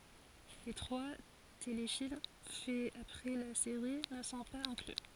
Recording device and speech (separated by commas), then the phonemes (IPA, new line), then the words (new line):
forehead accelerometer, read sentence
le tʁwa telefilm fɛz apʁɛ la seʁi nə sɔ̃ paz ɛ̃kly
Les trois téléfilms faits après la série ne sont pas inclus.